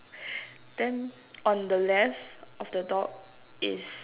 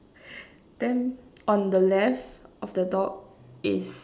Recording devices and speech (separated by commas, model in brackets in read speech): telephone, standing microphone, conversation in separate rooms